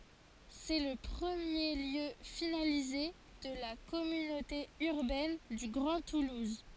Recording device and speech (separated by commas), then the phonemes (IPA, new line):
forehead accelerometer, read sentence
sɛ lə pʁəmje ljø finalize də la kɔmynote yʁbɛn dy ɡʁɑ̃ tuluz